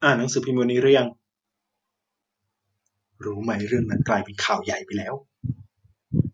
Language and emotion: Thai, frustrated